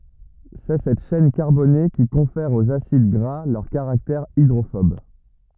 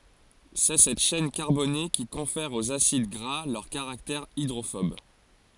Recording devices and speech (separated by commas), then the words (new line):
rigid in-ear microphone, forehead accelerometer, read sentence
C'est cette chaîne carbonée qui confère aux acides gras leur caractère hydrophobe.